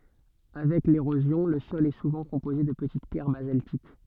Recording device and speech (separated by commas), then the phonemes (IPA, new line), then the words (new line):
soft in-ear microphone, read sentence
avɛk leʁozjɔ̃ lə sɔl ɛ suvɑ̃ kɔ̃poze də pətit pjɛʁ bazaltik
Avec l'érosion, le sol est souvent composé de petites pierres basaltiques.